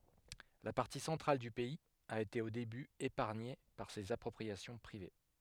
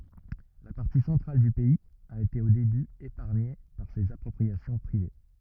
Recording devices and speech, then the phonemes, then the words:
headset microphone, rigid in-ear microphone, read sentence
la paʁti sɑ̃tʁal dy pɛiz a ete o deby epaʁɲe paʁ sez apʁɔpʁiasjɔ̃ pʁive
La partie centrale du pays a été au début épargnée par ces appropriations privées.

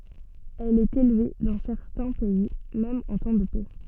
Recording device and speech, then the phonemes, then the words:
soft in-ear microphone, read sentence
ɛl ɛt elve dɑ̃ sɛʁtɛ̃ pɛi mɛm ɑ̃ tɑ̃ də pɛ
Elle est élevée dans certains pays même en temps de paix.

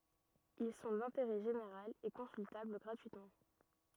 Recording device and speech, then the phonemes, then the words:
rigid in-ear microphone, read sentence
il sɔ̃ dɛ̃teʁɛ ʒeneʁal e kɔ̃syltabl ɡʁatyitmɑ̃
Ils sont d’intérêt général et consultables gratuitement.

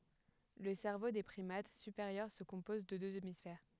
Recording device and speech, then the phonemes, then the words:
headset microphone, read sentence
lə sɛʁvo de pʁimat sypeʁjœʁ sə kɔ̃pɔz də døz emisfɛʁ
Le cerveau des primates supérieurs se compose de deux hémisphères.

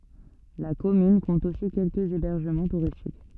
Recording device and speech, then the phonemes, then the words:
soft in-ear microphone, read sentence
la kɔmyn kɔ̃t osi kɛlkəz ebɛʁʒəmɑ̃ tuʁistik
La commune compte aussi quelques hébergements touristiques.

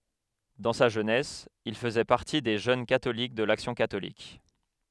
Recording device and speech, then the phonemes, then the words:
headset microphone, read sentence
dɑ̃ sa ʒønɛs il fəzɛ paʁti de ʒøn katolik də laksjɔ̃ katolik
Dans sa jeunesse, il faisait partie des jeunes catholiques de l'action catholique.

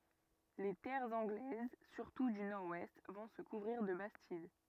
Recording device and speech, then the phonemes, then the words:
rigid in-ear microphone, read sentence
le tɛʁz ɑ̃ɡlɛz syʁtu dy nɔʁ wɛst vɔ̃ sə kuvʁiʁ də bastid
Les terres anglaises, surtout du nord-ouest, vont se couvrir de bastides.

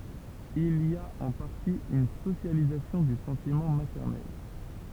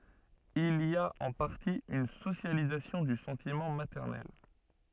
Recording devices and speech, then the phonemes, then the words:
temple vibration pickup, soft in-ear microphone, read sentence
il i a ɑ̃ paʁti yn sosjalizasjɔ̃ dy sɑ̃timɑ̃ matɛʁnɛl
Il y a en partie une socialisation du sentiment maternel.

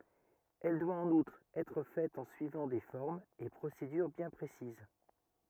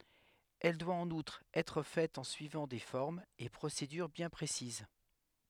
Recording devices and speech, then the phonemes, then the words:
rigid in-ear microphone, headset microphone, read sentence
ɛl dwa ɑ̃n utʁ ɛtʁ fɛt ɑ̃ syivɑ̃ de fɔʁmz e pʁosedyʁ bjɛ̃ pʁesiz
Elle doit, en outre, être faite en suivant des formes et procédures bien précises.

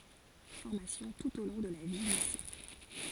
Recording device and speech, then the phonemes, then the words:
forehead accelerometer, read sentence
fɔʁmasjɔ̃ tut o lɔ̃ də la vjəlise
Formations tout au long de la vie-Lycées.

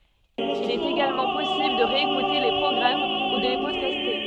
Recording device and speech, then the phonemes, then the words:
soft in-ear microphone, read sentence
il ɛt eɡalmɑ̃ pɔsibl də ʁeekute le pʁɔɡʁam u də le pɔdkaste
Il est également possible de réécouter les programmes ou de les podcaster.

